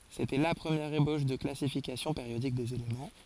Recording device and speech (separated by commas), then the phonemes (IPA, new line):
forehead accelerometer, read sentence
setɛ la pʁəmjɛʁ eboʃ də klasifikasjɔ̃ peʁjodik dez elemɑ̃